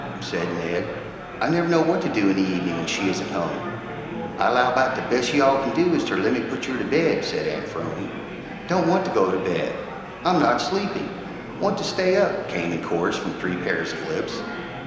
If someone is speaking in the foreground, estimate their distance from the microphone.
1.7 m.